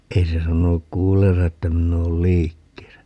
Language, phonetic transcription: Finnish, 'ei se 'sanonuk "kuulleensa että 'minn̆ ‿ool "liikkeesä .
- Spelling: ei se sanonut kuulleensa että minä olen liikkeessä

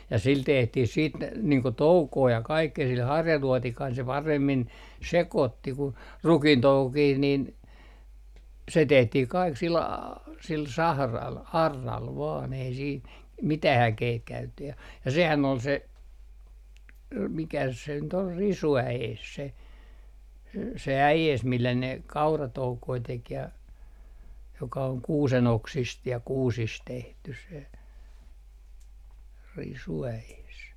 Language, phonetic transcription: Finnish, ja sil 'tehtih siit , niiŋ ko "toukoo ja 'kaikkee sil 'harjaluɔtikaisel se 'paremmin , "sekòtti ku , "rukintoukokih nin , se 'tehtih kaik sil a- , sil 'sahral , 'arral vaan ei siin , 'mitä"h ‿äkeit käytetty ja , ja 'sehän ol se , 'mikäs se nyt ol "risu₍ä₍ees se , se "äjees millä ne , "kauratoukoi 'tek ja , joka oŋ "kuuse'n ‿oksist ja "kuusis 'tehtys̆ se , 'risu₍äees .
- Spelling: ja sillä tehtiin sitten niin kuin toukoa ja kaikkea sillä harjaluotikaisella se paremmin sekoitti kuin rukiintoukokin niin se tehtiin kaikki sillä - sillä sahralla auralla vain ei siinä mitään äkeitä käytetty ja ja sehän oli se mikäs se nyt oli risuäes se se äes millä ne kauratoukoja teki ja joka on kuusen oksista ja kuusista tehty se risuäes

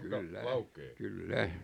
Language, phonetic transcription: Finnish, kyllä , "kyllä .
- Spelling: kyllä kyllä

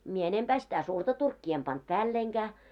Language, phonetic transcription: Finnish, mie 'enempää sitä 'surta turkkii em pant "päälleiŋɢää .
- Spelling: minä enempää sitä suurta turkkia en pannut päällenikään

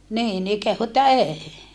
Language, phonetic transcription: Finnish, niin ni kehu että eei .
- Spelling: niin niin kehui että ei

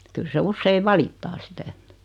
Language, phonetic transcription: Finnish, 'kyl se 'usseiv "valittaa sitä et .
- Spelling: kyllä se usein valittaa sitä että

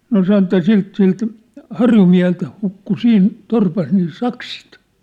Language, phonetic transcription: Finnish, no 'san ‿ᵉt̆ta̳ 'silt silt , "harjumiä̭helt hukku 'siin , 'torpas nii "saksit .
- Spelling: no sanoi että siltä siltä harjumieheltä hukkui siinä torpassa niin sakset

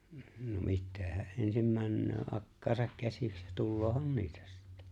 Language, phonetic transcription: Finnish, no 'mittee hä’ ’ensim 'männöö '’akkaasak 'käsiks , 'tulloohan "niitä sɪttᴀ̈ .
- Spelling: no mitä hän ensin menee akkaansa käsiksi tuleehan niitä sitten

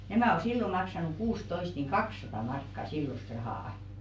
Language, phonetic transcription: Finnish, 'nämä̀ o "sillo 'maksanuk "kuus'toist niiŋ "kakˢsatà 'markka "sillost 'rahà₍ᵃ .
- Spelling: nämä on silloin maksanut kuusitoista niin kaksisataa markkaa silloista rahaa

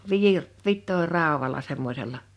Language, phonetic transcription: Finnish, 'viir- , 'vit̆toir̆ràowala 'semmośella .
- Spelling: - vitoinraudalla semmoisella

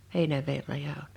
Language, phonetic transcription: Finnish, 'Hèinäver 'raja on .
- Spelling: Heinäveden raja on

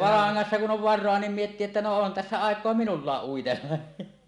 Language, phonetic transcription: Finnish, laaŋŋassa kun 'ˀon "var̆roa 'niim miettii että no 'on tässä àek̀oa "minullaaˀ 'ˀuitella .
- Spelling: langassa kun on varaa niin miettii että no on tässä aikaa minullakin uitella

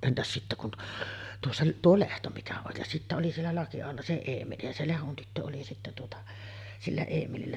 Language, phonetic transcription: Finnish, 'entäs 'sittä kun t- , tuossa , "tuo 'Lehto mikä oj ja sittä oli siellä 'Laki₍aholla se 'Eemeli , ja se 'Lehon tyttö oli sittä tuota , 'sillä 'Eemelillä .
- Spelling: entäs sitten kun - tuossa tuo Lehto mikä on ja sitten oli siellä Lakiaholla se Eemeli ja se Lehdon tyttö oli sitten tuota sillä Eemelillä

